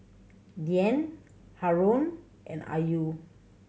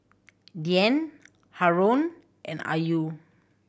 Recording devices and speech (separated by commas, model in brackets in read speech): mobile phone (Samsung C7100), boundary microphone (BM630), read sentence